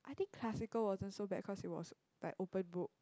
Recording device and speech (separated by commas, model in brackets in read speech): close-talking microphone, conversation in the same room